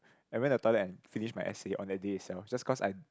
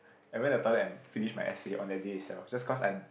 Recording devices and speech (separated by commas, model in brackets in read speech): close-talking microphone, boundary microphone, conversation in the same room